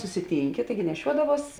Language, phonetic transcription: Lithuanian, susiˈtynki ˈtaigi neˈšiuodavuos

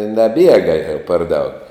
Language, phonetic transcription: Lithuanian, naˈbiega jau par daug

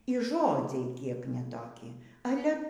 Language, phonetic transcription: Lithuanian, y ˈžodziai ˈkiek ne toˈki ˈale

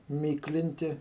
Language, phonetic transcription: Lithuanian, ˈmyklinti

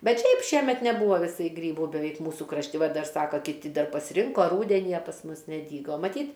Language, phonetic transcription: Lithuanian, ˈbet ˈšiaip ˈšiemet neˈbūva viˈsai ˈgrybų beˈveik ˈmūsu krašˈti ˈva ˈdar ˈsaka kiˈti ˈdar pasˈrinko ˈrūdeni a pas ˈmus neˈdygo maˈtyt

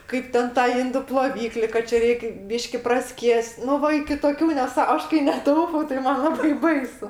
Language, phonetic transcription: Lithuanian, ˈkaip ten ˈtą ˈindu ploˈvykli ka ˈčia ˈreik' ˈbyški praˈskies't' ˈnu ˈva iki toˈkių neˈsą ˈaš kai neˈtaupau tai ˈman ˈlabai ˈbaisu

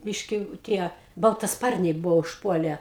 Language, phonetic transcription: Lithuanian, ˈbiški ˈtie baltaˈsparniai ˈbuvo užˈpuole

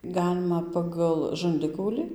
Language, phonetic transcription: Lithuanian, ˈgalima ˌpagal žanˈdikaulį

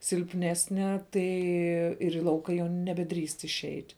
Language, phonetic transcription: Lithuanian, silpˈnesne ˈtai ir į ˈlauka jau nebeˈdrįst išˈeit'

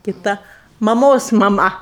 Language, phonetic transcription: Lithuanian, kiˈta maˈmos maˈma

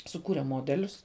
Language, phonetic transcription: Lithuanian, suˈkūre ˈmodelius

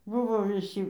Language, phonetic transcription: Lithuanian, ˈbuvo viˈsy

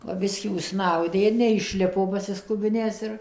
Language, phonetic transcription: Lithuanian, va ˈbiskį užˈsnaudė ir neišˈlipo pasiˈskubinęs ir

